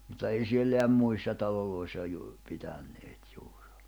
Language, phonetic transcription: Finnish, mutta ei 'sielleäm 'muissa 'taloloissa juur , 'pitänneet 'juur .
- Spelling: mutta ei siellä muissa taloissa juuri pitäneet juuri

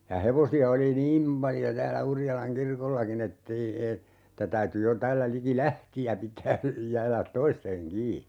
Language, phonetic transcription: Finnish, ja 'hevosi₍a oli "niim paljo 'täällä 'Urjalaŋ "kirkollaki'n ‿ettei , e- , [et]tä 'täyty jo 'täällä 'liki "Lähti₍ä 'pit̀ää , 'jäälät "toisteŋ 'kii .
- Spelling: ja hevosia oli niin paljon täällä Urjalan kirkollakin että ei - että täytyi jo täällä liki Lähtiä pitää jäädä toisten kiinni

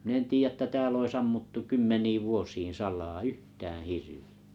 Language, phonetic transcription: Finnish, min ‿en 'tiijä ᵉttä 'tääll ‿ois 'ammuttu 'kymmeniiv 'vuosiin̬ 'sal̀aa "yhtäää̰ "hirvi₍ᴀ̈ .
- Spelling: minä en tiedä että täällä olisi ammuttu kymmeniin vuosiin salaa yhtään hirviä

